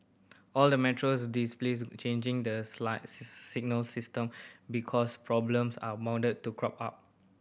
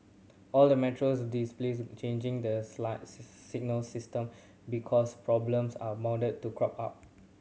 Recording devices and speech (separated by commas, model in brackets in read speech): boundary microphone (BM630), mobile phone (Samsung C7100), read sentence